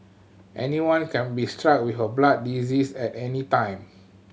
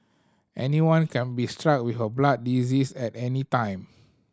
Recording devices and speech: mobile phone (Samsung C7100), standing microphone (AKG C214), read sentence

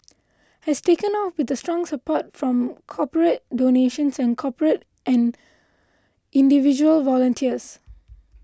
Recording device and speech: close-talking microphone (WH20), read sentence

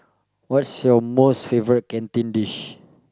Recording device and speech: close-talking microphone, conversation in the same room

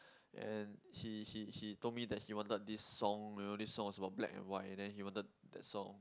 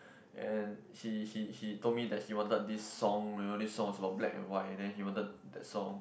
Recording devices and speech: close-talking microphone, boundary microphone, conversation in the same room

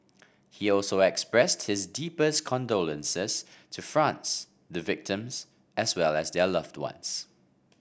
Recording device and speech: boundary microphone (BM630), read sentence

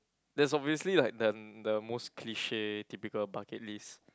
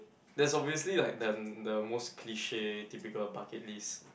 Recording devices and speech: close-talking microphone, boundary microphone, conversation in the same room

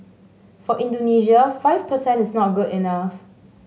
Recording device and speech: mobile phone (Samsung S8), read sentence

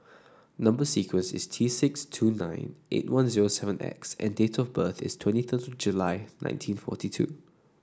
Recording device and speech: standing microphone (AKG C214), read sentence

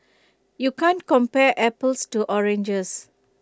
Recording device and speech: close-talking microphone (WH20), read sentence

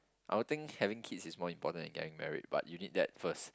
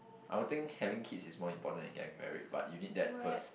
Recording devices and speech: close-talking microphone, boundary microphone, conversation in the same room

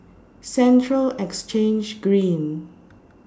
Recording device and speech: standing microphone (AKG C214), read sentence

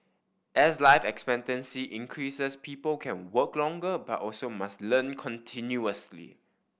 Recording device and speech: boundary microphone (BM630), read sentence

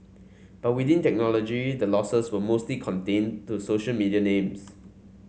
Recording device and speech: mobile phone (Samsung C5), read sentence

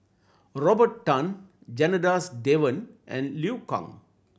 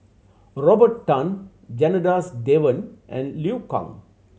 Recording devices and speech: boundary microphone (BM630), mobile phone (Samsung C7100), read sentence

